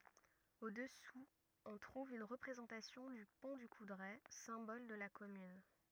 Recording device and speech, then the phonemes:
rigid in-ear microphone, read sentence
o dəsu ɔ̃ tʁuv yn ʁəpʁezɑ̃tasjɔ̃ dy pɔ̃ dy kudʁɛ sɛ̃bɔl də la kɔmyn

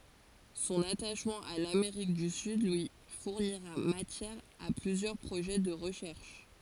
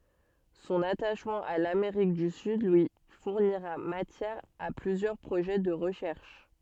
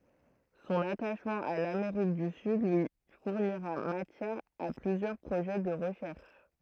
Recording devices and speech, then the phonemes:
forehead accelerometer, soft in-ear microphone, throat microphone, read sentence
sɔ̃n ataʃmɑ̃ a lameʁik dy syd lyi fuʁniʁa matjɛʁ a plyzjœʁ pʁoʒɛ də ʁəʃɛʁʃ

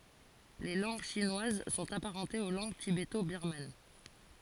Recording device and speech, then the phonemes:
forehead accelerometer, read sentence
le lɑ̃ɡ ʃinwaz sɔ̃t apaʁɑ̃tez o lɑ̃ɡ tibeto biʁman

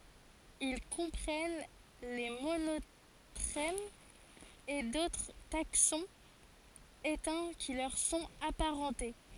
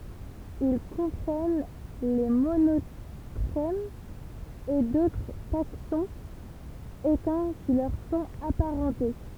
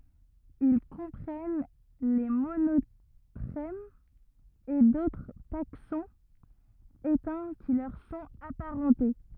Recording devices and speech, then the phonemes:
forehead accelerometer, temple vibration pickup, rigid in-ear microphone, read sentence
il kɔ̃pʁɛn le monotʁɛmz e dotʁ taksɔ̃z etɛ̃ ki lœʁ sɔ̃t apaʁɑ̃te

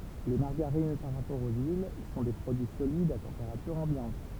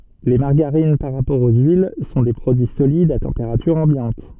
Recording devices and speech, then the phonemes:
temple vibration pickup, soft in-ear microphone, read sentence
le maʁɡaʁin paʁ ʁapɔʁ o yil sɔ̃ de pʁodyi solidz a tɑ̃peʁatyʁ ɑ̃bjɑ̃t

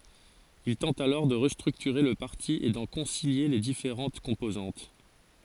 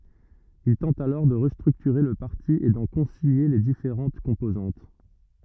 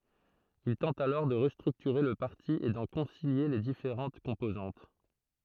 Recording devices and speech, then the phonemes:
forehead accelerometer, rigid in-ear microphone, throat microphone, read sentence
il tɑ̃t alɔʁ də ʁəstʁyktyʁe lə paʁti e dɑ̃ kɔ̃silje le difeʁɑ̃t kɔ̃pozɑ̃t

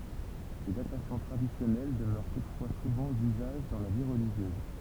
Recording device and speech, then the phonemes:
temple vibration pickup, read sentence
le datasjɔ̃ tʁadisjɔnɛl dəmœʁ tutfwa suvɑ̃ dyzaʒ dɑ̃ la vi ʁəliʒjøz

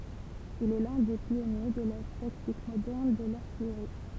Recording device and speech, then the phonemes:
temple vibration pickup, read sentence
il ɛ lœ̃ de pjɔnje də la taktik modɛʁn də laʁtijʁi

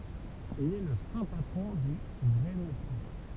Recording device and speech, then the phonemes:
temple vibration pickup, read sentence
il ɛ lə sɛ̃ patʁɔ̃ de ɡʁɛnətje

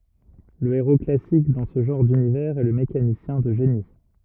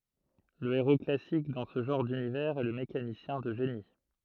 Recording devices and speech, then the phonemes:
rigid in-ear microphone, throat microphone, read sentence
lə eʁo klasik dɑ̃ sə ʒɑ̃ʁ dynivɛʁz ɛ lə mekanisjɛ̃ də ʒeni

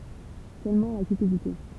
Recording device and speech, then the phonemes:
temple vibration pickup, read sentence
sølmɑ̃ la kypidite

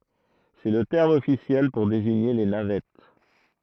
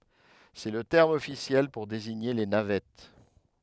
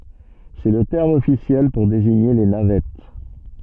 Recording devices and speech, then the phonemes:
throat microphone, headset microphone, soft in-ear microphone, read sentence
sɛ lə tɛʁm ɔfisjɛl puʁ deziɲe le navɛt

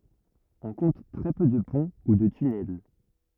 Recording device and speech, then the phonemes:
rigid in-ear microphone, read sentence
ɔ̃ kɔ̃t tʁɛ pø də pɔ̃ u də tynɛl

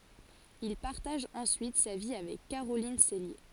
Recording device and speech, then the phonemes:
forehead accelerometer, read sentence
il paʁtaʒ ɑ̃syit sa vi avɛk kaʁolin sɛlje

